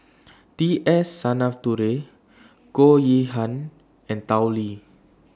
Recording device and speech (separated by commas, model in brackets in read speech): standing microphone (AKG C214), read sentence